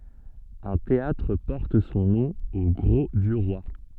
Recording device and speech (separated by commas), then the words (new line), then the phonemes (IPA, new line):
soft in-ear microphone, read sentence
Un théâtre porte son nom au Grau-du-Roi.
œ̃ teatʁ pɔʁt sɔ̃ nɔ̃ o ɡʁo dy ʁwa